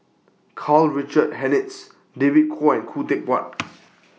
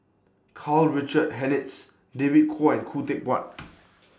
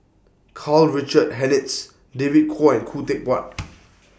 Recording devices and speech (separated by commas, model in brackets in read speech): mobile phone (iPhone 6), standing microphone (AKG C214), boundary microphone (BM630), read sentence